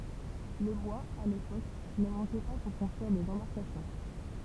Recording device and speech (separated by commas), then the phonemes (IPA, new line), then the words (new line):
temple vibration pickup, read sentence
lə bwaz a lepok nə mɑ̃kɛ pa puʁ kɔ̃stʁyiʁ dez ɑ̃baʁkasjɔ̃
Le bois, à l’époque, ne manquait pas pour construire des embarcations.